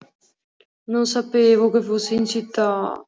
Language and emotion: Italian, sad